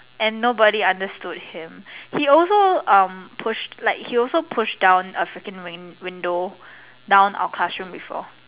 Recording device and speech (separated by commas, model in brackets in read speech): telephone, conversation in separate rooms